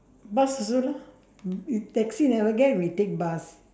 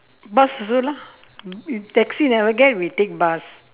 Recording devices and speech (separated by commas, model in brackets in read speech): standing microphone, telephone, conversation in separate rooms